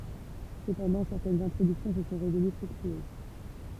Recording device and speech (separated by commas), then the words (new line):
temple vibration pickup, read sentence
Cependant, certaines introductions se sont révélées fructueuses.